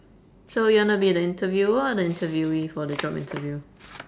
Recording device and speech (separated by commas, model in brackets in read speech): standing microphone, conversation in separate rooms